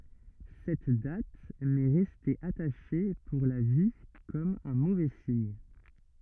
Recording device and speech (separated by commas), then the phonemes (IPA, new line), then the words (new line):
rigid in-ear microphone, read sentence
sɛt dat mɛ ʁɛste ataʃe puʁ la vi kɔm œ̃ movɛ siɲ
Cette date m'est restée attachée pour la vie comme un mauvais signe.